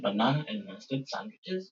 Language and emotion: English, surprised